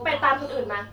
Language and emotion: Thai, angry